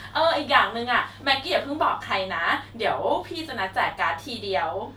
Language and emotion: Thai, happy